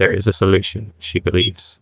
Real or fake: fake